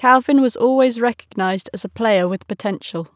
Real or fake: real